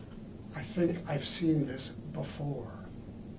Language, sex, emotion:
English, male, neutral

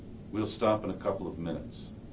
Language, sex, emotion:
English, male, neutral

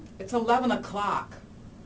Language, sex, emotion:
English, female, angry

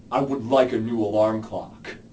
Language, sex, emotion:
English, male, disgusted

